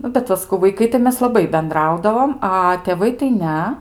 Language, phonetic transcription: Lithuanian, ˈnu bet ˈva saˈkau vaiˈkai tai ˈmes laˈbai benˈdraudavom ˈa tėˈvai tai ˈne

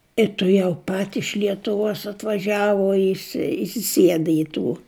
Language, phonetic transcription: Lithuanian, i tuˈjau pat iš lietuˈvuos atvaˈžiavu isi isiˈsieda i ˈtų

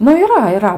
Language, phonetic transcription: Lithuanian, nu yˈra yˈra

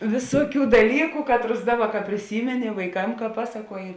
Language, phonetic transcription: Lithuanian, ˈvisuoˌkių daˈlyku ˈkatˌrus ˈdaˌba ka priˈsymeni vaiˈkam ka ˈpasaˌkuoji

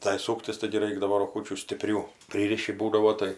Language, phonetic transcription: Lithuanian, tai ˈsūktis taigi ˈraikdavo roˈgučių stiˈprių ˈpryriši ˈbūdavo ˈtai

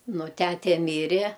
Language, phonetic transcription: Lithuanian, ˈnu ˈtæte ˈmyre

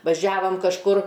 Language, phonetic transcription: Lithuanian, vaˈžiavam kažˈkur

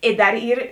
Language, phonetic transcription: Lithuanian, i ˈdar ˈyr

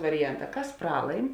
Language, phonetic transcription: Lithuanian, variˈjanˌtā ˈkas ˈpralaim

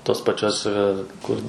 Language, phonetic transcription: Lithuanian, tos paˈčios ˈkur

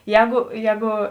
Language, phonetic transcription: Lithuanian, ˈjēgu ˈjēgu

